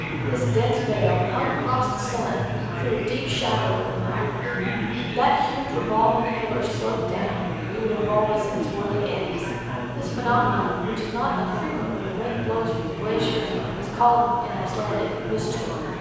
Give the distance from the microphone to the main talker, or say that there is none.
7.1 m.